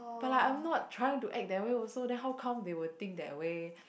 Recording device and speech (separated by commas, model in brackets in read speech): boundary microphone, conversation in the same room